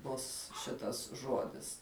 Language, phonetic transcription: Lithuanian, ˈbus ˈšitas ˈžodis

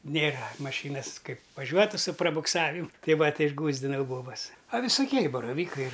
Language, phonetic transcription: Lithuanian, ˈnėra maˈšynas ˈkaip vaˈžiuotu su prabukˈsavimu ˈtei ˈva ˈtei išˈgųsdinau ˈbobas a visuˈkie i baraˈvykai

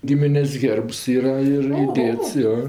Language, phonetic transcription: Lithuanian, ˈgiminės' ˈhėrbs ˈyra ir iˈdėts ˈjo

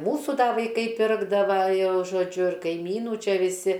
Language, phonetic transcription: Lithuanian, ˈmūsų ˈda vaiˈkai ˈpirkdava ˈjau žoˈdžiu ir kaiˈmynų ˈčia viˈsi

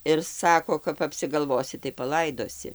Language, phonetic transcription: Lithuanian, ir ˈsako kap apsigalˈvosi tai paˈlaidosi

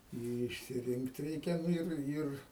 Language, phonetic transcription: Lithuanian, i išsiˈrinkt ˈreikia ˈnu ir ˈir

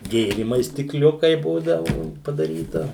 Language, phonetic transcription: Lithuanian, ˈgėrymais stikˈliukai ˈbūdavu padaˈryta

